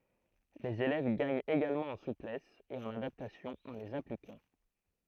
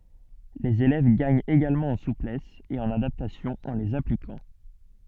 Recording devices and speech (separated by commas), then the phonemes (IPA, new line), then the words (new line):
throat microphone, soft in-ear microphone, read sentence
lez elɛv ɡaɲt eɡalmɑ̃ ɑ̃ suplɛs e ɑ̃n adaptasjɔ̃ ɑ̃ lez aplikɑ̃
Les élèves gagnent également en souplesse et en adaptation en les appliquant.